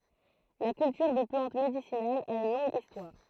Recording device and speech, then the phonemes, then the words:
throat microphone, read sentence
la kyltyʁ də plɑ̃t medisinalz a yn lɔ̃ɡ istwaʁ
La culture de plantes médicinales a une longue histoire.

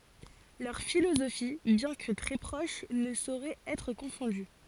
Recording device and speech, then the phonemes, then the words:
forehead accelerometer, read sentence
lœʁ filozofi bjɛ̃ kə tʁɛ pʁoʃ nə soʁɛt ɛtʁ kɔ̃fɔ̃dy
Leurs philosophies, bien que très proches, ne sauraient être confondues.

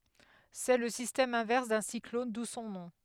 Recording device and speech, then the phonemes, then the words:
headset microphone, read sentence
sɛ lə sistɛm ɛ̃vɛʁs dœ̃ siklɔn du sɔ̃ nɔ̃
C'est le système inverse d'un cyclone, d'où son nom.

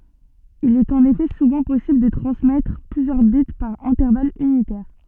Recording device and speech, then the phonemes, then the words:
soft in-ear microphone, read sentence
il ɛt ɑ̃n efɛ suvɑ̃ pɔsibl də tʁɑ̃smɛtʁ plyzjœʁ bit paʁ ɛ̃tɛʁval ynitɛʁ
Il est en effet souvent possible de transmettre plusieurs bits par intervalle unitaire.

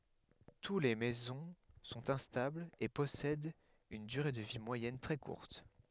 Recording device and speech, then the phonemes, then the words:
headset microphone, read sentence
tu le mezɔ̃ sɔ̃t ɛ̃stablz e pɔsɛdt yn dyʁe də vi mwajɛn tʁɛ kuʁt
Tous les mésons sont instables et possèdent une durée de vie moyenne très courte.

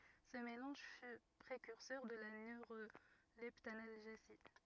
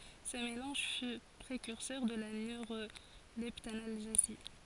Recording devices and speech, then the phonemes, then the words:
rigid in-ear microphone, forehead accelerometer, read sentence
sə melɑ̃ʒ fy pʁekyʁsœʁ də la nøʁolɛptanalʒezi
Ce mélange fut précurseur de la neuroleptanalgésie.

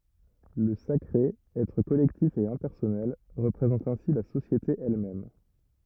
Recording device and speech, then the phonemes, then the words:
rigid in-ear microphone, read sentence
lə sakʁe ɛtʁ kɔlɛktif e ɛ̃pɛʁsɔnɛl ʁəpʁezɑ̃t ɛ̃si la sosjete ɛl mɛm
Le sacré, être collectif et impersonnel, représente ainsi la société elle-même.

